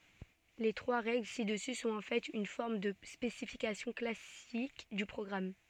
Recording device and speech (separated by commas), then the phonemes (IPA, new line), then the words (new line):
soft in-ear microphone, read sentence
le tʁwa ʁɛɡl sidəsy sɔ̃t ɑ̃ fɛt yn fɔʁm də spesifikasjɔ̃ klasik dy pʁɔɡʁam
Les trois règles ci-dessus sont en fait une forme de spécification classique du programme.